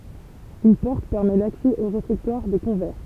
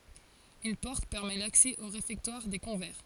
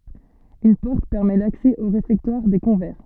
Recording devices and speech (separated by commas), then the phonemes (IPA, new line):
temple vibration pickup, forehead accelerometer, soft in-ear microphone, read sentence
yn pɔʁt pɛʁmɛ laksɛ o ʁefɛktwaʁ de kɔ̃vɛʁ